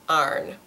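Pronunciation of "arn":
The word 'iron' is pronounced 'arn' here, with only one syllable, as in a southern accent.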